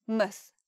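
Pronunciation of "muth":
'Muth' is said with a schwa rather than the vowel of 'mouth', so the syllable is shorter and unstressed.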